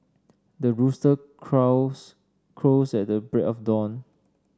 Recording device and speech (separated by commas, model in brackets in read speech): standing microphone (AKG C214), read sentence